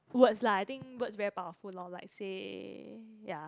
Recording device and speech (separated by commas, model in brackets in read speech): close-talking microphone, conversation in the same room